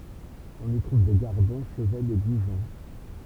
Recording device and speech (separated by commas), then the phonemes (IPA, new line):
temple vibration pickup, read sentence
ɔ̃n i tʁuv de ɡaʁdɔ̃ ʃəvɛnz e ɡuʒɔ̃